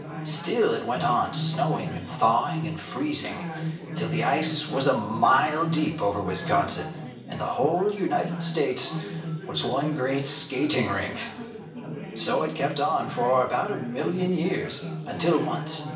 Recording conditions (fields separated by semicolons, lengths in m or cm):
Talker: one person; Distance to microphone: 1.8 m; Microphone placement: close; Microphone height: 1.0 m; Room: large; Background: babble